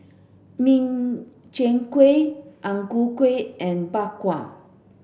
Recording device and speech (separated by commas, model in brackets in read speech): boundary microphone (BM630), read sentence